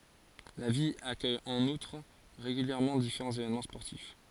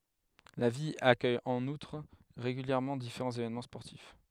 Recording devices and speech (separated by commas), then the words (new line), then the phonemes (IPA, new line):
forehead accelerometer, headset microphone, read sentence
La ville accueille en outre régulièrement différents événements sportifs.
la vil akœj ɑ̃n utʁ ʁeɡyljɛʁmɑ̃ difeʁɑ̃z evenmɑ̃ spɔʁtif